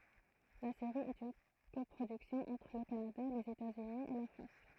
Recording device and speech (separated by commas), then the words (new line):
throat microphone, read sentence
La série est une coproduction entre le Canada, les États-Unis et la France.